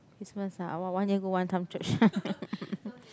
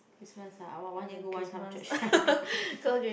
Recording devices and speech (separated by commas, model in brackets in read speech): close-talking microphone, boundary microphone, conversation in the same room